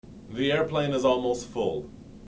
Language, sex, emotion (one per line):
English
male
neutral